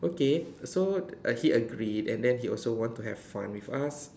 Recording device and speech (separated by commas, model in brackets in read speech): standing microphone, conversation in separate rooms